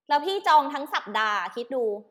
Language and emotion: Thai, angry